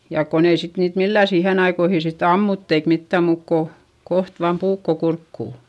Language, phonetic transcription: Finnish, jàk kon ‿ei sit niit millä̀ siihen ‿aikoihi sitt ‿ammutt ‿eik mittä̀m muuk ko , koht vaam puukko kurkkù .
- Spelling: ja kun ei sitten niitä millään siihen aikoihin sitten ammuttu eikä mitään muuta kuin kohta vain puukko kurkkuun

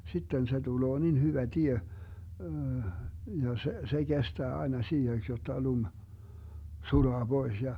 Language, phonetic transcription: Finnish, 'sitten se 'tuloo nin hyvä 'tie , ja se , se 'Gestää aena 'siiheks jotta 'lum , 'sulaa 'Bois ja ,.
- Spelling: sitten se tulee niin hyvä tie ja se se kestää aina siiheksi jotta lumi sulaa pois ja

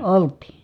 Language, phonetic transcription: Finnish, olt̀ii .
- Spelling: oltiin

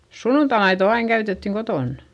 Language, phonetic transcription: Finnish, sunnuntamaito aiŋ käytettiŋ kotòn .
- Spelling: sunnuntaimaito aina käytettiin kotona

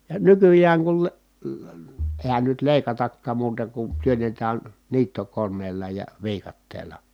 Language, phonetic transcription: Finnish, ja nykyjääŋ kul le- , leə- , èi̮hän nyt lèi̮katakkaam muuta kun työnnetään , niittokon̆neella ja , viikatteela .
- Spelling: ja nykyään kun - - eihän nyt leikatakaan muuta kuin työnnetään niittokoneella ja viikatteella

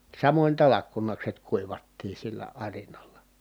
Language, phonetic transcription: Finnish, samoń talakkunakset kuivattii sillä arinalla .
- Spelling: samoin talkkunakset kuivattiin sillä arinalla

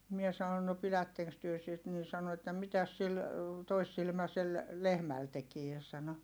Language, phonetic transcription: Finnish, mie sanon » no pilätteŋks työ sit » nin̬ sano että » mitäs sil , toissilmäsel , lehmäl tekie » sano .
- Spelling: minä sanoin no pidättekös te sitä niin sanoi että mitäs sillä toissilmäisellä lehmällä tekee sanoi

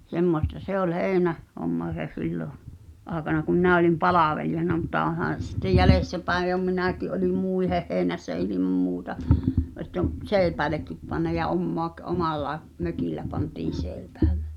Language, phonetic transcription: Finnish, 'semmosta "se ‿ol 'hèi̬nä- , -'homma (se) 'sillo , '’aaᵉkana kum minä olim "palàvelijana mutta '’ohàn̬ se sittej "jäies(t)äpäej jo 'minä̀ki’ ’oĺi "mùiheh hèi̬nässä 'ilimam muuta , ett ‿om , "sèi̬p(ää)lekkip panna ja 'ommoak- , "omallae , 'mök̀illä pantiin̬ 'sèi̬pᴀ̈ᴀ̈ʟʟᴇ .
- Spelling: semmoista se oli - heinähomma se silloin aikana kun minä olin palvelijana mutta onhan se sitten jäljestäpäin jo minäkin olin muiden heinässä ilman muuta että on seipäällekin pannut ja - omalla mökillä pantiin seipäälle

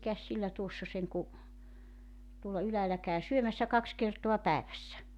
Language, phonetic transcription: Finnish, 'mikäs 'sillä 'tuossa 'seŋku , tuolla 'yläälä kä̀y 'syömässä "kaks kertoa 'päevässä .
- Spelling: mikäs sillä tuossa sen kuin tuolla ylhäällä käy syömässä kaksi kertaa päivässä

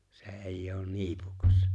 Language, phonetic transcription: Finnish, 'se 'èij'j ‿oon "ni̬ipukas .
- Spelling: se ei ole niipukas

